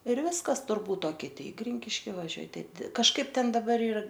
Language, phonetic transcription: Lithuanian, ir ˈviskas turˈbūt o kiˈti i ˈgrinkiški vaˈžiuoj ˈten dir kažˈkaip ˈten daˈbar ˈyr

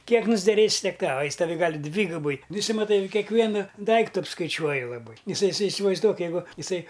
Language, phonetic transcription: Lithuanian, ˈkiek nusdeˈrėsi ˈtiek ˈtava ˈjis taˈvi ˈgali ˈdvygubai ˈnu iˈsai maˈtai kekˈvienu ˈdaiktu apskaiˈčiuoju laˈbai iˈsai iˈsai isivaizˈduok jeiˈgu iˈsai

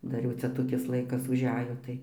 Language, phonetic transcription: Lithuanian, ˈdar jau ˈcia toˈkis ˈlaikas užˈejo tai

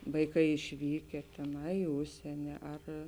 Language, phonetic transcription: Lithuanian, vaiˈkai išˈvyke teˈnai i ˈužsieni ar

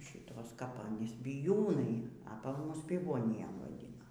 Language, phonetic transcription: Lithuanian, ˈšitos kap aˈnys biˈjūnai a pa ˈmus piˈvonijam vaˈdina

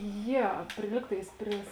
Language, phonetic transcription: Lithuanian, ˈje ˈpri ˈlyg tais ˈpris

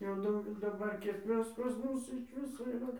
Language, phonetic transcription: Lithuanian, jau ˈdaugel' daˈbar kiek ˈvis pas ˈmus iš ˈviso yˈra

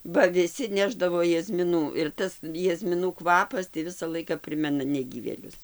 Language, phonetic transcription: Lithuanian, ba viˈsi ˈnešdavo jazmiˈnų ir ˈtas jazmiˈnų ˈkvapas ˈvisa ˈlaika ˈprimena neˈgyvėlius

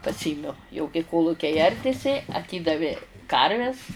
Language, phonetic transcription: Lithuanian, paˈsymiau jau kai ˈkolukiai ˈardisi aˈtydavi ˈkarves

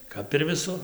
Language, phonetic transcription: Lithuanian, ˈkap ir viˈsur

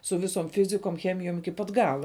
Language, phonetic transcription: Lithuanian, su ˈvisom ˈfizikom ˈchemijom iki ˈpat ˈgala

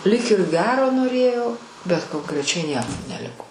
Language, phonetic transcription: Lithuanian, lyg ir ˈgero noˈrėjo bet konkreˈčiai ˈnieko neˈliko

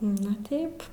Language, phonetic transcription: Lithuanian, ˈnu ˈteip

